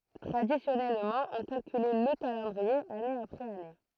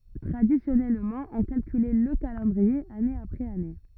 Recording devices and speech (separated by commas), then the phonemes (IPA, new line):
throat microphone, rigid in-ear microphone, read sentence
tʁadisjɔnɛlmɑ̃ ɔ̃ kalkylɛ lə kalɑ̃dʁie ane apʁɛz ane